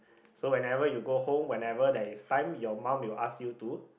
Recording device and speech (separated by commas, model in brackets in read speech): boundary microphone, conversation in the same room